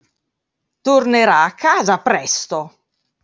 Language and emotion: Italian, angry